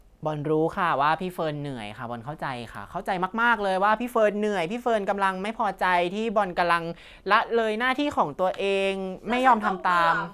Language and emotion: Thai, frustrated